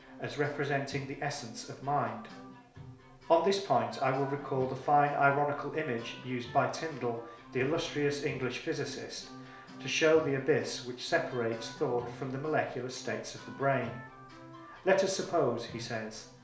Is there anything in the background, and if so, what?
Music.